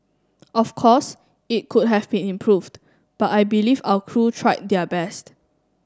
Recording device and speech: standing microphone (AKG C214), read sentence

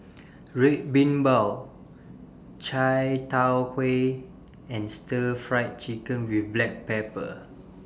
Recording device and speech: standing microphone (AKG C214), read sentence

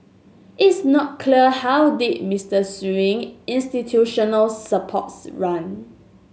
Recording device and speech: mobile phone (Samsung S8), read sentence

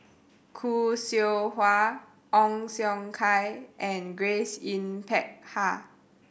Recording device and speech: boundary microphone (BM630), read sentence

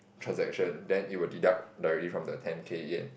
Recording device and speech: boundary microphone, conversation in the same room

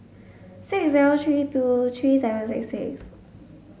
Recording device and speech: mobile phone (Samsung S8), read sentence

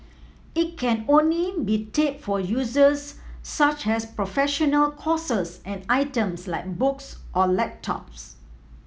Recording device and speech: mobile phone (iPhone 7), read sentence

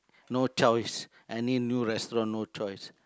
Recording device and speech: close-talking microphone, conversation in the same room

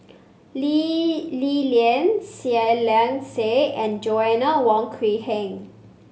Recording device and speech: mobile phone (Samsung C5), read sentence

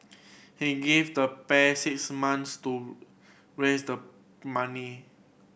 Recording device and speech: boundary microphone (BM630), read sentence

